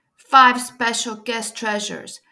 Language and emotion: English, neutral